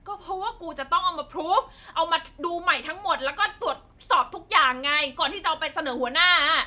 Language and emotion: Thai, angry